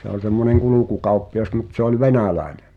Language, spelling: Finnish, se oli semmoinen kulkukauppias mutta se oli venäläinen
- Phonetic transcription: se ‿oĺ semmoneŋ 'kulukukauppi₍as mut se ‿ol "venä̀lä̀eɴᴇ .

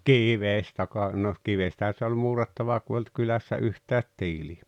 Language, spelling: Finnish, kivestä kai no kivestähän se oli muurattava kun ei ollut kylässä yhtään tiiliä
- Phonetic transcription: kivestä kàe , no , 'kivestähä se oĺ "muurattava ku ‿ᵉ olt 'kylässä 'yhtäät "tiili₍ä .

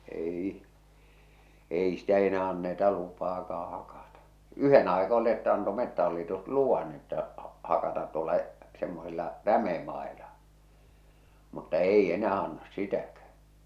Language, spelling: Finnish, ei ei ei sitä enää anneta lupaakaan hakata yhden aika oli että antoi Metsähallitus luvan että hakata tuolla semmoisilla rämemailla mutta ei enää anna sitäkään
- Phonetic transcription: 'èiʰ , 'èi , 'èi ‿stä enää anneta 'lupaakaa hakata , "yhen ‿aika olⁱ että anto 'Mettähallitus "luvan että , 'hakatat tuol̆la , semmosilla , 'rämemàela , mutta "ei 'enää 'annas "sitäkä .

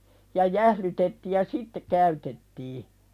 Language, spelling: Finnish, ja jäähdytettiin ja sitten käytettiin
- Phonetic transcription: ja 'jählytetti ja "sitte käytettii .

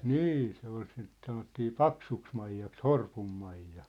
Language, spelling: Finnish, niin se oli sitä sanottiin Paksuksimaijaksi Horpun Maija
- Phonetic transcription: nî , se ‿ol sit 'sanottii "Paksuks'maij̆jaks "Horpum 'Maijja .

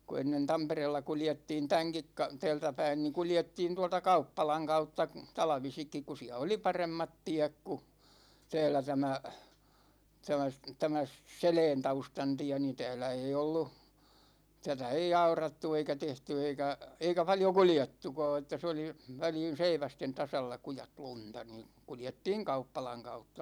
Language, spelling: Finnish, kun ennen Tampereella kuljettiin tämänkin - täältä päin niin kuljettiin tuolta kauppalan kautta talvisinkin kun siellä oli paremmat tiet kun täällä tämä tämä se tämä se Seläntaustan tie niin täällä ei ollut tätä ei aurattu eikä tehty eikä eikä paljon kuljettukaan että se oli väliin seivästen tasalla kujat lunta niin kuljettiin kauppalan kautta
- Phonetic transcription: ku 'ennen "Tampereella 'kuljettiin 'täŋkik ka- , 'tä̭ä̭ltä päin ni 'kuljettiin tualta "kauppalaŋ 'kautta , 'talᵃvisikkik ku 'siä oli 'paremmat 'tiäk ku , 'tä̭ä̭lä tämä , 'tämä s- , 'tämä s- , 'Selɛɛntaustan 'tiä ni , 'tä̭ä̭lä ei ollu , 'tätä ei "aurattu eikä 'tehty eikä , 'eikä paljo "kuljettukaa että se oli , 'väliin̬ 'seivästen 'tasalla 'kujat "lunta ni , 'kuljettiiŋ "kauppalaŋ 'kautta .

